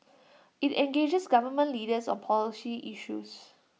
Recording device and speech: mobile phone (iPhone 6), read sentence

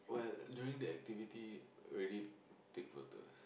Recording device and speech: boundary microphone, conversation in the same room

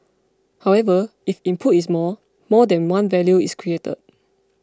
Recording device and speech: close-talking microphone (WH20), read sentence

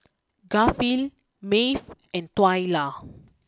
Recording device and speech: close-talking microphone (WH20), read sentence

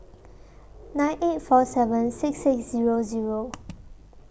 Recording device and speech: boundary microphone (BM630), read sentence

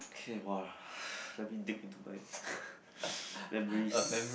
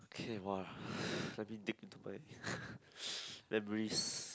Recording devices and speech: boundary microphone, close-talking microphone, conversation in the same room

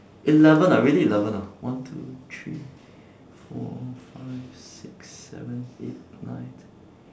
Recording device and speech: standing microphone, conversation in separate rooms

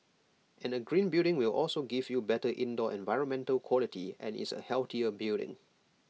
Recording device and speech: mobile phone (iPhone 6), read sentence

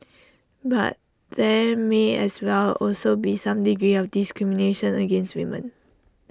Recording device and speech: standing microphone (AKG C214), read sentence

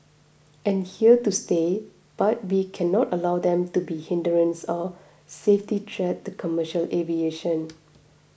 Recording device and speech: boundary microphone (BM630), read sentence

